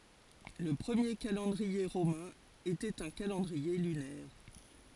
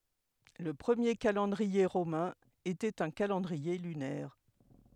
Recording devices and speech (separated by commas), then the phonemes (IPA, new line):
forehead accelerometer, headset microphone, read sentence
lə pʁəmje kalɑ̃dʁie ʁomɛ̃ etɛt œ̃ kalɑ̃dʁie lynɛʁ